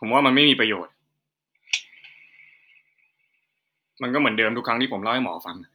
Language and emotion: Thai, frustrated